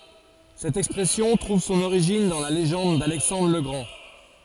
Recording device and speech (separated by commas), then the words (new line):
forehead accelerometer, read sentence
Cette expression trouve son origine dans la légende d’Alexandre le Grand.